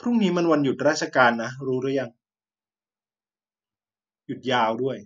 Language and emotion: Thai, neutral